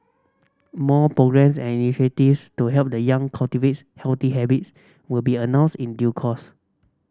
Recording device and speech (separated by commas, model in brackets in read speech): standing microphone (AKG C214), read sentence